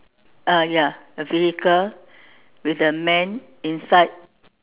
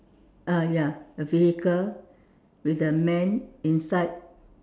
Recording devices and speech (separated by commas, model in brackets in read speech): telephone, standing microphone, conversation in separate rooms